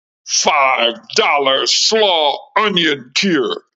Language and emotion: English, disgusted